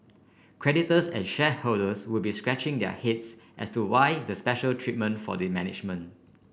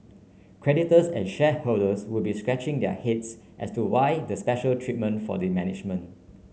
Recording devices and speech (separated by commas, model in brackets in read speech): boundary microphone (BM630), mobile phone (Samsung C9), read sentence